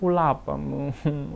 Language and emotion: Thai, sad